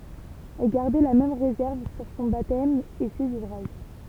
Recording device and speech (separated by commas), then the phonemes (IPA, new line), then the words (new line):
temple vibration pickup, read sentence
ɛl ɡaʁdɛ la mɛm ʁezɛʁv syʁ sɔ̃ batɛm e sez uvʁaʒ
Elle gardait la même réserve sur son baptême et ses ouvrages.